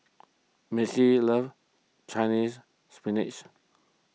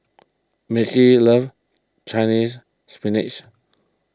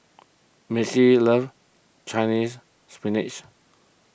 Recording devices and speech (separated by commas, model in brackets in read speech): mobile phone (iPhone 6), close-talking microphone (WH20), boundary microphone (BM630), read sentence